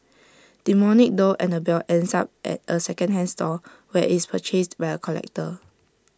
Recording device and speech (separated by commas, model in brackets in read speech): standing microphone (AKG C214), read sentence